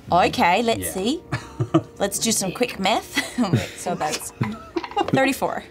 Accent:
Kiwi accent